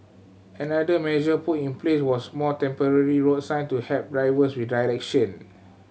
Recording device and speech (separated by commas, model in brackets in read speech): mobile phone (Samsung C7100), read sentence